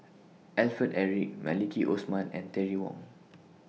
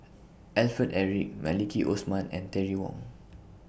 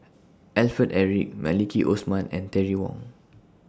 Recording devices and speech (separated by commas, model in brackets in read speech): mobile phone (iPhone 6), boundary microphone (BM630), standing microphone (AKG C214), read sentence